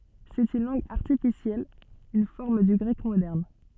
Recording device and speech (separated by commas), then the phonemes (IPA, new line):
soft in-ear microphone, read sentence
sɛt yn lɑ̃ɡ aʁtifisjɛl yn fɔʁm dy ɡʁɛk modɛʁn